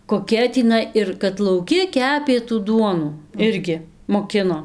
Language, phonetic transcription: Lithuanian, koˈkia tįˈnai ir kad lauˈki ˈkepė tų ˈduonų ˈirgi moˈkino

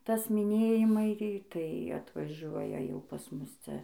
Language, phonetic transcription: Lithuanian, ˈtas miˈnėjimai tai atvaˈžuoja jau pas ˈmus ˈcia

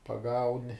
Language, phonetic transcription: Lithuanian, paˈgauni

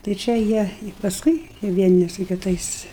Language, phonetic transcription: Lithuanian, tai ˈčia jie i pasˈkui vieˈni su kiˈtais

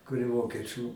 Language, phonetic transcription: Lithuanian, kur i ˈvokieˌčių

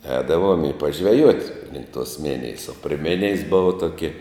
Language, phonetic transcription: Lithuanian, ˈēdavuom i pažveˈjuot' link tuos ˈminijes o pri ˈminijes ˈbuva ˈtoki

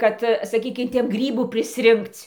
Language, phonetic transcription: Lithuanian, ˈkad saˈkykim ˈten ˈgrybų prisˈrinkc'

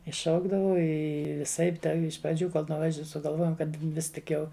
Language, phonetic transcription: Lithuanian, i ˈšaukdavau ˈi viˈsaip da iš praˈdžių ˈkol nuˈvaž sugalˈvojom ˈkad ˈvis tik ˈjau

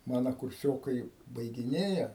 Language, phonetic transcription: Lithuanian, ˈmana kurˈsiokai baigiˈnėja

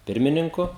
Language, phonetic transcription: Lithuanian, ˈpirmininku

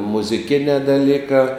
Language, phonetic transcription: Lithuanian, muziˈkinē daˈlykā

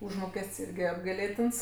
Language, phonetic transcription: Lithuanian, ˈužmokest's' ˈirgi apgaiˈlėtins

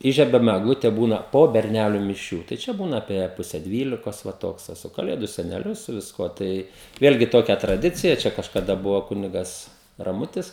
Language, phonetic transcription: Lithuanian, ˈįžiebiam egˈlute ˈbūna po berˈneliu miˈšių tai ˈčia ˈbūna apie ˈpuse ˈdvylikos ˈva ˈtoks te ˈsu kaˈlėdu seneˈliu su visˈkuo ˈtai ˈvėlgi ˈtokia traˈdicija ˈčia kažkaˈda ˈbuvo ˈkunigas raˈmutis

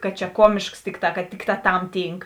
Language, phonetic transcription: Lithuanian, kad čia ˈkuomėšks ˈtikˌtā kad ˈtikˌtā tam ˈtynk

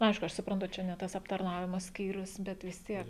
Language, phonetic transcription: Lithuanian, nu ˈaišku ˈaš supranˈtu ˈčia ne ˈtas aptarˈnavimo ˈskyrius bet vis ˈtiek

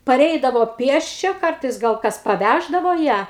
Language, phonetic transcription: Lithuanian, paˈreidavo ˈpiesčia ˈkartais gal ˈkas paˈvæždavo ˈją

